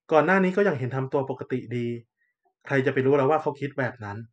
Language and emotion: Thai, neutral